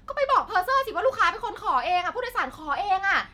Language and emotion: Thai, angry